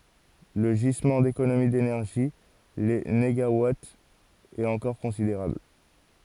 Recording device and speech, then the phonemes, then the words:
forehead accelerometer, read sentence
lə ʒizmɑ̃ dekonomi denɛʁʒi le neɡawatz ɛt ɑ̃kɔʁ kɔ̃sideʁabl
Le gisement d'économies d'énergie — les négawatts — est encore considérable.

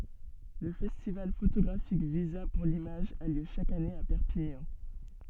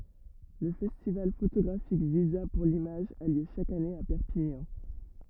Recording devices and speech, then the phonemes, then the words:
soft in-ear microphone, rigid in-ear microphone, read sentence
lə fɛstival fotoɡʁafik viza puʁ limaʒ a ljø ʃak ane a pɛʁpiɲɑ̃
Le festival photographique Visa pour l'image a lieu chaque année à Perpignan.

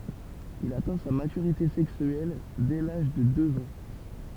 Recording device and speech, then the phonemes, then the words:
temple vibration pickup, read sentence
il atɛ̃ sa matyʁite sɛksyɛl dɛ laʒ də døz ɑ̃
Il atteint sa maturité sexuelle dès l'âge de deux ans.

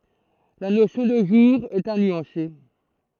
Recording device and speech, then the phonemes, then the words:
throat microphone, read sentence
la nosjɔ̃ də ʒuʁ ɛt a nyɑ̃se
La notion de jour est à nuancer.

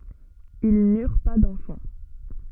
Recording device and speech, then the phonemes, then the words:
soft in-ear microphone, read sentence
il nyʁ pa dɑ̃fɑ̃
Ils n'eurent pas d'enfants.

